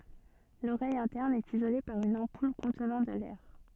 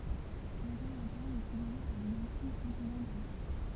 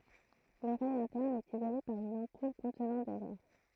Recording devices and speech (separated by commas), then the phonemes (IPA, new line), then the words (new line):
soft in-ear microphone, temple vibration pickup, throat microphone, read sentence
loʁɛj ɛ̃tɛʁn ɛt izole paʁ yn ɑ̃pul kɔ̃tnɑ̃ də lɛʁ
L'oreille interne est isolée par une ampoule contenant de l'air.